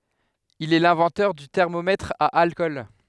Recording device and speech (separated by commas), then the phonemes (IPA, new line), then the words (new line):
headset microphone, read sentence
il ɛ lɛ̃vɑ̃tœʁ dy tɛʁmomɛtʁ a alkɔl
Il est l'inventeur du thermomètre à alcool.